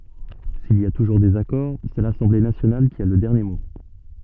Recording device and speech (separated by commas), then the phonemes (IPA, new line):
soft in-ear microphone, read sentence
sil i a tuʒuʁ dezakɔʁ sɛ lasɑ̃ble nasjonal ki a lə dɛʁnje mo